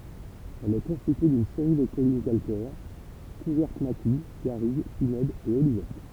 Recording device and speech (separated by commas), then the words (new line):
temple vibration pickup, read sentence
Elle est constituée d'une série de collines calcaires, couvertes maquis, garrigue, pinèdes et olivettes.